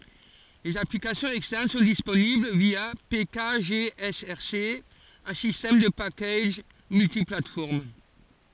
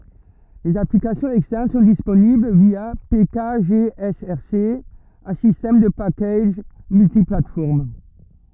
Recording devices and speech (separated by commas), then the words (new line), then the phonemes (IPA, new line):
forehead accelerometer, rigid in-ear microphone, read sentence
Les applications externes sont disponibles via pkgsrc, un système de packages multiplateformes.
lez aplikasjɔ̃z ɛkstɛʁn sɔ̃ disponibl vja pekaʒeɛsɛʁse œ̃ sistɛm də pakaʒ myltiplatfɔʁm